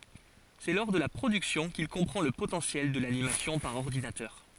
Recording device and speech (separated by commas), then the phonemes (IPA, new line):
forehead accelerometer, read sentence
sɛ lɔʁ də la pʁodyksjɔ̃ kil kɔ̃pʁɑ̃ lə potɑ̃sjɛl də lanimasjɔ̃ paʁ ɔʁdinatœʁ